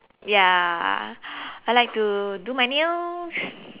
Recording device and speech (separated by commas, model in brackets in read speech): telephone, conversation in separate rooms